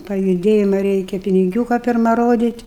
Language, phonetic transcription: Lithuanian, pajuˈdėjima ˈreikia piniˈgiūka pirˈma ˈrodyt'

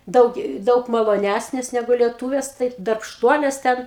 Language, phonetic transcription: Lithuanian, ˈdaug ˈdaug maloˈnæsnės ˈnegu lieˈtūvės taip darbšˈtuolės ˈten

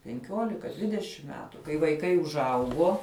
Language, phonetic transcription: Lithuanian, penˈkiolika ˈdvidešim ˈmetu kai vaiˈkai užˈaugo

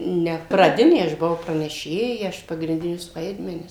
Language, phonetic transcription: Lithuanian, ˈne praˈdinė aš buˈau praneˈšėja ˈaš pagrinˈdinius ˈvaidmenis

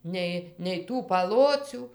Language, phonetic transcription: Lithuanian, ˈnei nei ˈtų paˈlocių

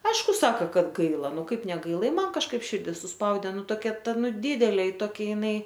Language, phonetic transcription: Lithuanian, ˈaišku ˈsaka ˈkad ˈgaila ˈnu ˈkaip neˈgaila i ˈman kažˈkaip ˈširdi suˈspaudė ˈnu toˈkia ˈta ˈnu ˈdidelė toˈkia jiˈnai

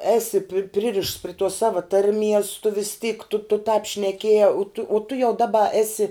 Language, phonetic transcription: Lithuanian, ˈesi pi ˈpririšts pri tuos ˈsava ˈtarˌmies tu vis tyk tu tu tāp šneˈkiejā tu uo tu jau ˈdaba ˈesi

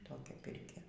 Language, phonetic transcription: Lithuanian, ˈtokia ˈpirkia

